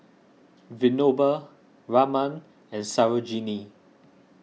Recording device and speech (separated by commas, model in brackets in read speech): mobile phone (iPhone 6), read sentence